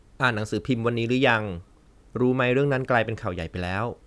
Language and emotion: Thai, neutral